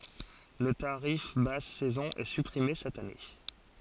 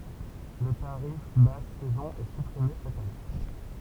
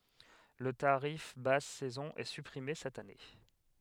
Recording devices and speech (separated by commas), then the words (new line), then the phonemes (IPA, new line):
forehead accelerometer, temple vibration pickup, headset microphone, read sentence
Le tarif basse saison est supprimé cette année.
lə taʁif bas sɛzɔ̃ ɛ sypʁime sɛt ane